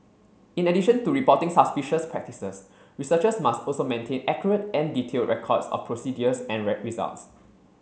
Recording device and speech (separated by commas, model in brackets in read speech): mobile phone (Samsung C7), read sentence